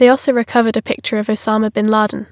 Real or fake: real